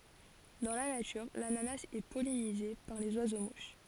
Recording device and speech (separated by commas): forehead accelerometer, read sentence